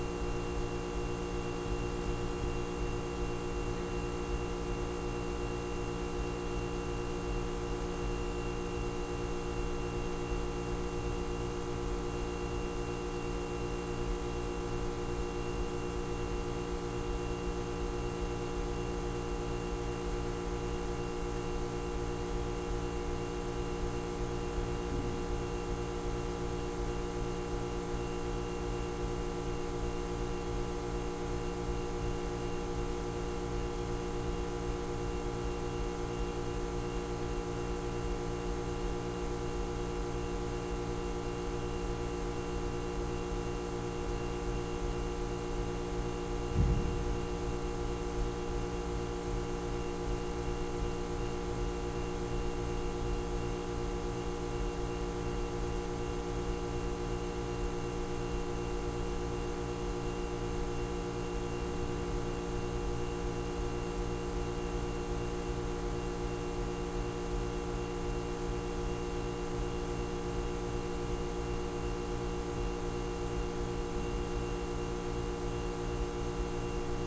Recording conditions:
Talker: no one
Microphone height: 76 cm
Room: very reverberant, large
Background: none

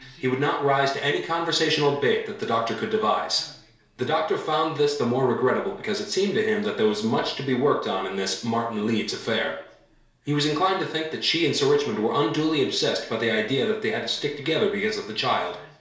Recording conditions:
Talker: one person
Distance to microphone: 1.0 m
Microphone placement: close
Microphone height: 1.1 m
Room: small (3.7 m by 2.7 m)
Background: television

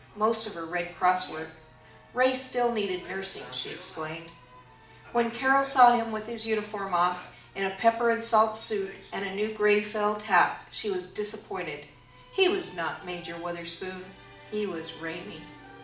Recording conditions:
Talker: one person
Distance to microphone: 2.0 m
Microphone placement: close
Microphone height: 99 cm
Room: medium-sized (5.7 m by 4.0 m)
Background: television

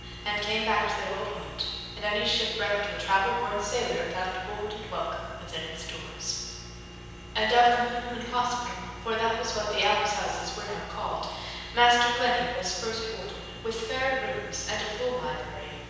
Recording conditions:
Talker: one person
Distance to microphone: 7.1 m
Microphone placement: far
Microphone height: 1.7 m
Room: very reverberant, large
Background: none

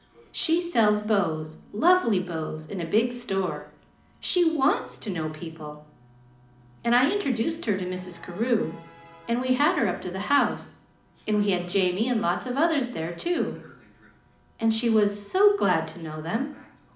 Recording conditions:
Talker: one person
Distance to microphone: 2.0 m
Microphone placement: close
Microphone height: 99 cm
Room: medium-sized (5.7 m by 4.0 m)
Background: television

